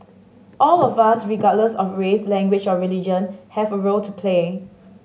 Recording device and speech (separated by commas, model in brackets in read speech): mobile phone (Samsung S8), read sentence